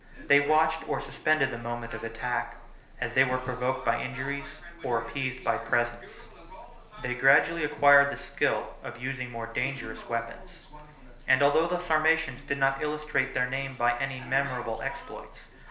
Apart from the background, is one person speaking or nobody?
One person.